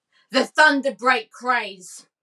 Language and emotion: English, angry